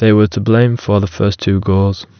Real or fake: real